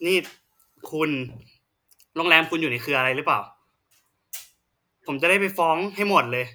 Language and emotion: Thai, frustrated